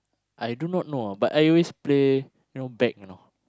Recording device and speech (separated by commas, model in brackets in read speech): close-talking microphone, conversation in the same room